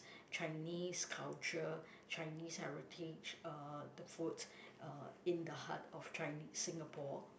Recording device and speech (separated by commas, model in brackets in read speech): boundary microphone, conversation in the same room